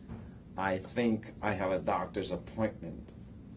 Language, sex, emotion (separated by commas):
English, male, neutral